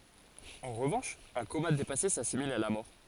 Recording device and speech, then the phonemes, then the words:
forehead accelerometer, read sentence
ɑ̃ ʁəvɑ̃ʃ œ̃ koma depase sasimil a la mɔʁ
En revanche, un coma dépassé s'assimile à la mort.

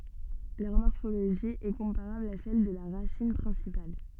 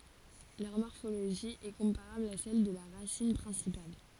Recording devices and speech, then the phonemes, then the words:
soft in-ear microphone, forehead accelerometer, read sentence
lœʁ mɔʁfoloʒi ɛ kɔ̃paʁabl a sɛl də la ʁasin pʁɛ̃sipal
Leur morphologie est comparable à celle de la racine principale.

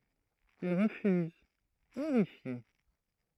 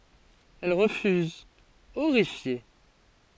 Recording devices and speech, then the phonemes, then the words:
throat microphone, forehead accelerometer, read sentence
ɛl ʁəfyz oʁifje
Elle refuse, horrifiée.

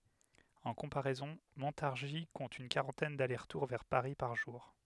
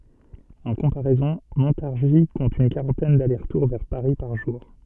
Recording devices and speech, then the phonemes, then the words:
headset microphone, soft in-ear microphone, read sentence
ɑ̃ kɔ̃paʁɛzɔ̃ mɔ̃taʁʒi kɔ̃t yn kaʁɑ̃tɛn dalɛʁsʁtuʁ vɛʁ paʁi paʁ ʒuʁ
En comparaison, Montargis compte une quarantaine d’allers-retours vers Paris par jour.

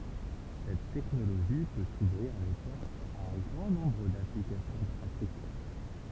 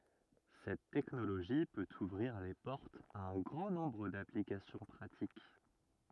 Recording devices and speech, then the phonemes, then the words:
temple vibration pickup, rigid in-ear microphone, read sentence
sɛt tɛknoloʒi pøt uvʁiʁ le pɔʁtz a œ̃ ɡʁɑ̃ nɔ̃bʁ daplikasjɔ̃ pʁatik
Cette technologie peut ouvrir les portes à un grand nombre d’applications pratiques.

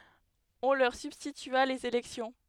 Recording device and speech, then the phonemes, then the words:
headset microphone, read sentence
ɔ̃ lœʁ sybstitya lez elɛksjɔ̃
On leur substitua les élections.

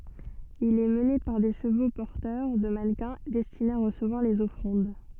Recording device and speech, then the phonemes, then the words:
soft in-ear microphone, read sentence
il ɛ məne paʁ de ʃəvo pɔʁtœʁ də manəkɛ̃ dɛstinez a ʁəsəvwaʁ lez ɔfʁɑ̃d
Il est mené par des chevaux porteurs de mannequins destinés à recevoir les offrandes.

